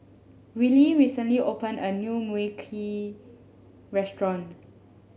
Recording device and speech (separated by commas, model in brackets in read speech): mobile phone (Samsung S8), read sentence